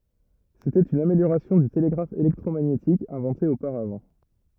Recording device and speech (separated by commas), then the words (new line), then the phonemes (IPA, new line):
rigid in-ear microphone, read sentence
C’était une amélioration du télégraphe électromagnétique inventé auparavant.
setɛt yn ameljoʁasjɔ̃ dy teleɡʁaf elɛktʁomaɲetik ɛ̃vɑ̃te opaʁavɑ̃